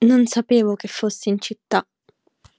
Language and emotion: Italian, sad